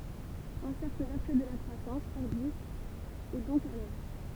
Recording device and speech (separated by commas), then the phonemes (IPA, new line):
temple vibration pickup, read sentence
œ̃ sɛʁkl vɛʁtyø də la kʁwasɑ̃s fɔʁdist ɛ dɔ̃k a lœvʁ